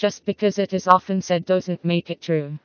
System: TTS, vocoder